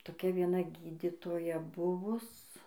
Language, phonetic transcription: Lithuanian, toˈkia vieˈna ˈgyditoja ˈbuvus

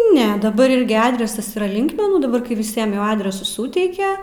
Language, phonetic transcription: Lithuanian, ˈne daˈbar ˈirgi ˈadresas yˈra ˈlinkmenų daˈbar kai viˈsiem jau adresus ˈsūteike

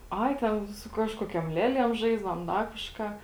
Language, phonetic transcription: Lithuanian, ˈai ˈten su ˈkažkokiom ˈlieˌliem ˈžaisdavom ˈda kažˈką

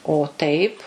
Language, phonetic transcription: Lithuanian, o taip

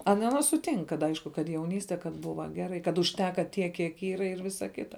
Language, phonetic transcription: Lithuanian, ˈana ˈana suˈtink kad ˈaišku kad jauˈnyste kad ˈbuva ˈgerai kad užˈteka tiek kiek ˈyra ir ˈvisa ˈkita

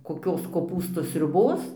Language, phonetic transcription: Lithuanian, koˈkios koˈpūstų sriuˈbos

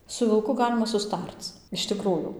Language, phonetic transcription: Lithuanian, su vilˈku ˈgalima suˈstarc iš tiˈkrųjų

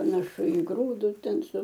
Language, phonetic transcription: Lithuanian, panaˈšu i ˈgrūdus ˈten su

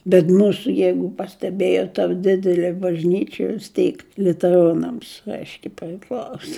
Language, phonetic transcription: Lithuanian, bet ˈmūsu ˈjeigu pasteˈbėjot ta ˈdidelė bažˈnyčia vis ˈtyk liuteˈronams ˈaiškiai priˈklauso

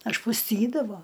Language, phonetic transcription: Lithuanian, ažpusˈtydavo

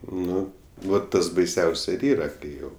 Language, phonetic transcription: Lithuanian, ˈnu va ˈtas baiˈsiaus ir ˈyra ˈkai ˈjau

